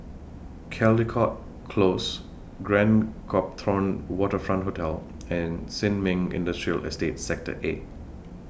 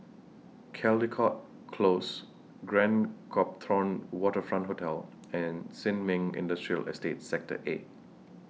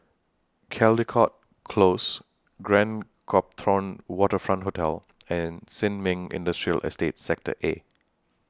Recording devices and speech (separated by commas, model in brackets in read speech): boundary microphone (BM630), mobile phone (iPhone 6), standing microphone (AKG C214), read sentence